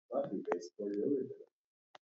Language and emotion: English, happy